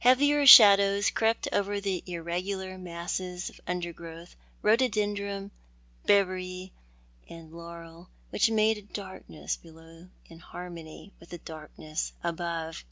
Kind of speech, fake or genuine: genuine